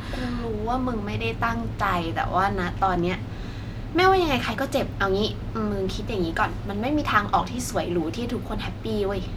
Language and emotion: Thai, frustrated